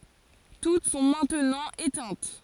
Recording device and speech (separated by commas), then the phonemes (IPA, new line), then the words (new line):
forehead accelerometer, read sentence
tut sɔ̃ mɛ̃tnɑ̃ etɛ̃t
Toutes sont maintenant éteintes.